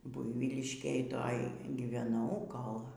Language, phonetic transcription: Lithuanian, ˈbuivyliškėj ˈtoj gyveˈnau ˈkol

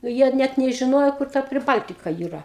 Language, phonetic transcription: Lithuanian, ˈjie ˈnæt nežiˈnojo kur ˈta priˈbaltika yˈra

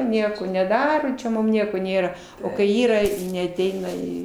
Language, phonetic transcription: Lithuanian, ˈnieko neˈdaro čia ˈmum ˈnieko ˈnėra ˈo kai ˈyra neaˈteina ˈį

